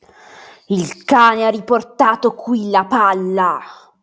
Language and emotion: Italian, angry